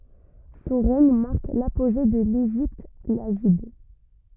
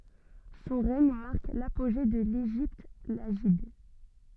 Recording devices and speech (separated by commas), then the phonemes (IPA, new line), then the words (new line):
rigid in-ear microphone, soft in-ear microphone, read sentence
sɔ̃ ʁɛɲ maʁk lapoʒe də leʒipt laʒid
Son règne marque l'apogée de l'Égypte lagide.